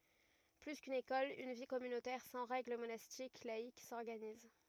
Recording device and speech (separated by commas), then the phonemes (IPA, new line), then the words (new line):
rigid in-ear microphone, read sentence
ply kyn ekɔl yn vi kɔmynotɛʁ sɑ̃ ʁɛɡl monastik laik sɔʁɡaniz
Plus qu'une école, une vie communautaire sans règle monastique, laïque, s'organise.